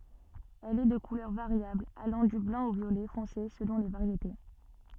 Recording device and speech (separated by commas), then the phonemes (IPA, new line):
soft in-ear microphone, read sentence
ɛl ɛ də kulœʁ vaʁjabl alɑ̃ dy blɑ̃ o vjolɛ fɔ̃se səlɔ̃ le vaʁjete